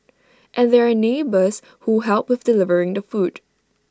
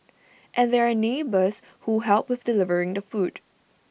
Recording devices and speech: standing microphone (AKG C214), boundary microphone (BM630), read sentence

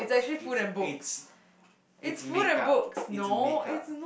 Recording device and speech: boundary microphone, conversation in the same room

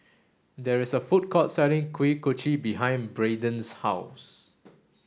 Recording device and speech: standing microphone (AKG C214), read sentence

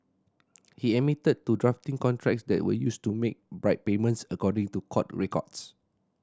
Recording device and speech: standing microphone (AKG C214), read sentence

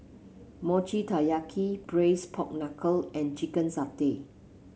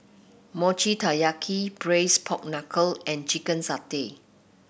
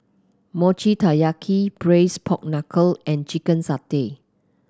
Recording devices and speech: mobile phone (Samsung C7), boundary microphone (BM630), close-talking microphone (WH30), read sentence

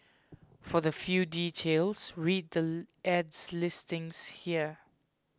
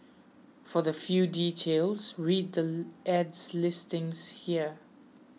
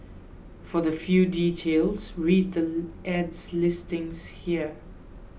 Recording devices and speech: close-talking microphone (WH20), mobile phone (iPhone 6), boundary microphone (BM630), read sentence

